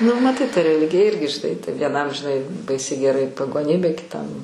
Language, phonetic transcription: Lithuanian, nu maˈtai ta reˈligija ˈirgi žiˈnai tai vieˈnam žiˈnai ˈbaisiai geˈrai pagoˈnybė kiˈtam

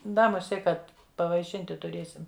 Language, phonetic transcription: Lithuanian, ˈda muˈsie ˈkad pavaiˈšinti tuˈrėsim

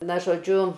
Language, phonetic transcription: Lithuanian, ˈna žoˈdžiu

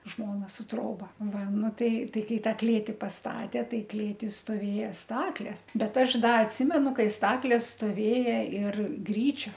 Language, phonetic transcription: Lithuanian, ˈžmona su ˈtroba ˈva ˈnu ˈtai ˈtai ˈkai ˈtą ˈklėti pasˈtatė ˈtai ˈklėti stoˈvėja ˈstaklės ˈbet ˈaš ˈda atˈsimenu ˈkai ˈstaklės stoˈvėja ir ˈgryčio

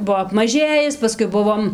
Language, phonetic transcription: Lithuanian, ˈbuo apmaˈžėjis paˈskui ˈbuvom

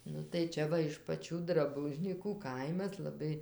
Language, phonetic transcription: Lithuanian, ˈnu tai ˈčia va iš paˈčių draˈbužnykų ˈkaimas laˈbai

